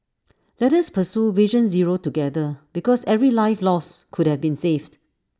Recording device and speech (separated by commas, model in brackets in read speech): standing microphone (AKG C214), read sentence